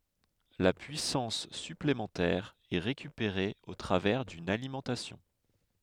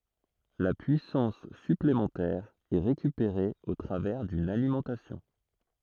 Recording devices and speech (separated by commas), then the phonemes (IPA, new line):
headset microphone, throat microphone, read sentence
la pyisɑ̃s syplemɑ̃tɛʁ ɛ ʁekypeʁe o tʁavɛʁ dyn alimɑ̃tasjɔ̃